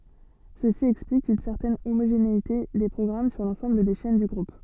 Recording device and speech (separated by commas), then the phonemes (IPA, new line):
soft in-ear microphone, read sentence
səsi ɛksplik yn sɛʁtɛn omoʒeneite de pʁɔɡʁam syʁ lɑ̃sɑ̃bl de ʃɛn dy ɡʁup